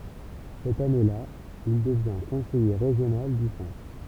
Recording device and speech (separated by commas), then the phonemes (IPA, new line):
temple vibration pickup, read sentence
sɛt ane la il dəvjɛ̃ kɔ̃sɛje ʁeʒjonal dy sɑ̃tʁ